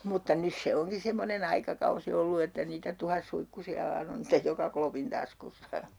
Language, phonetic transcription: Finnish, mutta 'nys se 'oŋki 'semmonen ‿aikakausi ollu että niitä 'tuhassuikkusi₍a vaan ‿on stej 'joka klopin 'taskussa .
- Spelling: mutta nyt se onkin semmoinen aikakausi ollut että niitä tuhatsuikkusia vain on sitten joka klopin taskussa

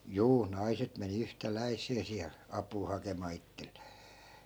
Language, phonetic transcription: Finnish, 'juu , "naiset meni 'yhtä'läi̮s̆see siäl , 'ap̆puu hakemaa 'ittelLEE .
- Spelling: juu naiset meni yhtäläiseen siellä apua hakemaan itselleen

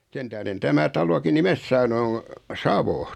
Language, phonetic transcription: Finnish, 'sen tähðen tämä 'taloki "nimes saanu o , "Savo .
- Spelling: sen tähden tämä talokin nimensä saanut on Savo

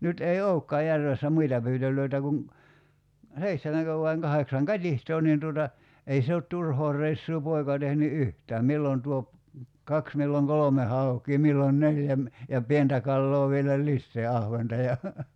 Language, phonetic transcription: Finnish, 'nyt ei "oukkaa 'järvessä 'muita pyytöl̀öitä kuŋ , 'seihtemäŋkö vaiŋ 'kaheksaŋ "kat́ihtoo nin tuota , 'ei se ot 'turhoo r̀eissuu 'poika tehny "yhtääm 'millon tuop , 'kaks milloŋ "kolome 'hauk̀ii 'millon "neljä ‿m- , ja 'pientä kalloo vielä "lissee 'ahventa ja ,.
- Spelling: nyt ei olekaan järvessä muita pyytöjä kuin seitsemänkö vai kahdeksan katiskaa niin tuota ei se ole turhaa reissua poika tehnyt yhtään milloin tuo kaksi milloin kolme haukea milloin neljä - ja pientä kalaa vielä lisää ahventa ja

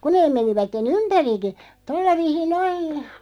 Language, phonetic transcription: Finnish, 'ku neeᵐ 'menivätte"n ‿ympäriki , 'tolla 'viisin 'noin ,.
- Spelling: kun ne menivät ympärikin tuolla viisiin noin

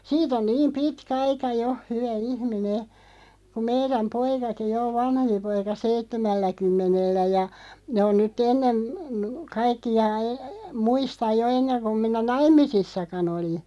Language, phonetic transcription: Finnish, siit ‿on "niim "pitkä 'aika 'jo , 'hyvä "ihmi"ne , kuᵐ 'meiräm "poikaki 'jo o "vanhempi 'poika "seittemällä'kymmenellä ja , ne on nyt'ᵗ ‿ennen , 'kaikk(i₍a) , 'muistaʲ jo 'enneŋ kum 'minä "naim̆misissakan ‿oli .
- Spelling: siitä on niin pitkä aika jo hyvä ihminen kun meidän poikakin jo on vanhempi poika seitsemälläkymmenellä ja ne on nyt ennen kaikkia muista jo ennen kuin minä naimisissakaan olin

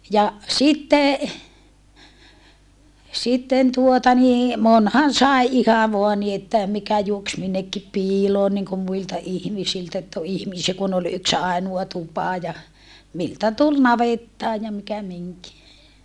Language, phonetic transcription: Finnish, ja , sitte , sitten tuota nii , monhan sài̮ iha voa ni että , mikä juoks minnekki piiloon niŋkum muilta ihmisiltä ett ‿o ihmisiä kun ‿ol yks àinua tupa ja , miltä tul navettaa ja mikä miŋki .
- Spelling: ja sitten sitten tuota niin monihan sai ihan vain niin että mikä juoksi minnekin piiloon niin kuin muilta ihmisiltä että on ihmisiä kun oli yksi ainoa tupa ja miltä tuli navettaan ja mikä minkin

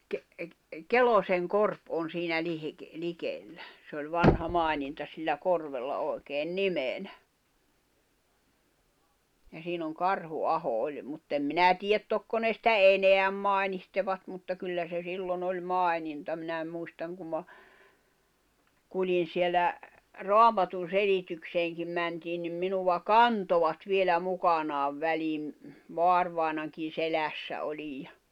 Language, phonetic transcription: Finnish, ke- , 'Keloseŋ'korp on̬ siinä 'lihik- , 'likellä , se oĺ 'vanha 'mài̬ninta sillä 'korvella 'òi̬keen "nimenä , ja siin ‿oŋ 'Karhu'aho 'oĺ , muttem 'minä̀ 'tiiʲät "tokko ne sⁱtä "eneäm 'mài̬nihtevat mutta kyllä se 'sillon ‿oĺ "mài̬ninta minä muistaŋ kum ma , 'kuĺi̬n sielä , "roamatun̬'selitykseeŋkim mäntiin nim 'minuva "kantovat vielä 'mukanaav 'väliim , 'voarvài̬nankin̬ 'selässä 'oĺij ja ,.
- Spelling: - Kelosenkorpi on siinä - likellä se oli vanha maininta sillä korvella oikein nimenä ja siinä on Karhuaho oli mutta en minä tiedä tokko ne sitä enää mainitsevat mutta kyllä se silloin oli maininta minä muistan kun minä kuljin siellä raamatunselitykseenkin mentiin niin minua kantoivat vielä mukanaan väliin vaarivainajankin selässä olin ja

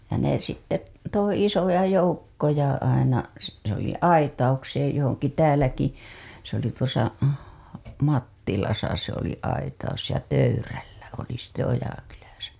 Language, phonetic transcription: Finnish, ja ne sitte t- , 'toi 'isoja "joukkoja aina , se , se ‿oli 'aitaukseej johoŋki 'tääläki , se ‿oli tuosa , 'Mattilasa se ‿oli aitaus ja 'töyryllä oli sitte 'Ojakyläsä .
- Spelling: ja ne sitten - toi isoja joukkoja aina se se oli aitaukseen johonkin täälläkin se oli tuossa Mattilassa se oli aitaus ja töyryllä oli sitten Ojakylässä

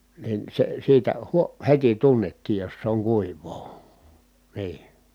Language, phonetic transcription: Finnish, nin se siitä , huo- , heti tunnettiij jos se oŋ kuiv̀oo , nii .
- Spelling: niin se siitä - heti tunnettiin jos se on kuivaa niin

